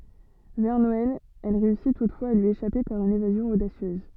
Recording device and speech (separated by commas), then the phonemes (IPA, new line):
soft in-ear microphone, read sentence
vɛʁ nɔɛl ɛl ʁeysi tutfwaz a lyi eʃape paʁ yn evazjɔ̃ odasjøz